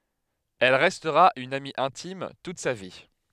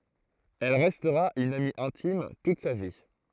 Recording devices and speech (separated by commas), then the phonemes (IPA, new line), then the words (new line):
headset microphone, throat microphone, read sentence
ɛl ʁɛstʁa yn ami ɛ̃tim tut sa vi
Elle restera une amie intime toute sa vie.